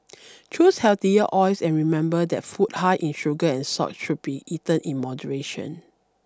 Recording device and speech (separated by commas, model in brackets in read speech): standing microphone (AKG C214), read sentence